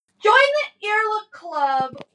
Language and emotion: English, sad